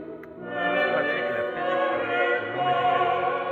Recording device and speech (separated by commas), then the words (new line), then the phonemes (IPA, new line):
rigid in-ear microphone, read sentence
Tous pratiquent la pédicurie non médicalisée.
tus pʁatik la pedikyʁi nɔ̃ medikalize